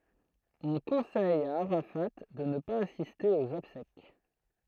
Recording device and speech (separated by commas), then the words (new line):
throat microphone, read sentence
On conseille à Arafat de ne pas assister aux obsèques.